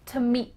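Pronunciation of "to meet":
'To' is reduced to just a t sound, with its vowel gone, and linked to 'meet'. The final t of 'meet' is hardly heard, because no air comes out for it.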